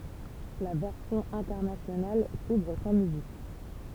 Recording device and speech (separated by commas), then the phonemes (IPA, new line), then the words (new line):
temple vibration pickup, read sentence
la vɛʁsjɔ̃ ɛ̃tɛʁnasjonal suvʁ sɑ̃ myzik
La version internationale s'ouvre sans musique.